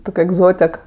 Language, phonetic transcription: Lithuanian, ˈtok' egˈzotek

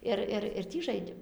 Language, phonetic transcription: Lithuanian, ˈir ir ir ˈtį ˈžaidėm

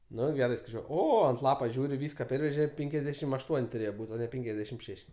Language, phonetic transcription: Lithuanian, ˈnu ˈgerai skaiˈčiuo ˈo ant ˈlapo ˈžiūri ˈvyska ˈperveže ˈpenkiasdešim aš ˈtuon' tuˈrėje ˈbūt' o ˈne ˈpenkiasdešim ˈšeš'

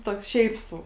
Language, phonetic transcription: Lithuanian, ˈtoks ˈšiaip ˈsau

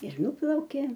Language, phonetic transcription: Lithuanian, ir ˈnuplaukė

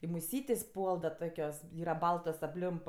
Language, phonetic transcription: Lithuanian, i muˈsytės' ˈpuol da ˈtokios ˈyra ˈbaltos apˈlimp

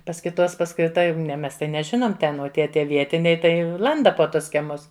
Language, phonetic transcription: Lithuanian, pas kiˈtos pas kai ˈta ne ˈmes tai neˈžinom ˈten o ˈtie ˈtie ˈvietiniai tai ˈlanda po ˈtus kieˈmus

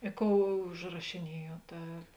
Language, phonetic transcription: Lithuanian, i ˈkou užrašiˈniejuot ˈa

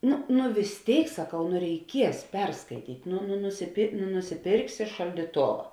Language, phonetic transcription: Lithuanian, ˈnu nu vis ˈtėik saˈkau nu reiˈkies ˈperskaityt' nu nu nusipėr nu nusiˈpėrksi šaldyˈtova

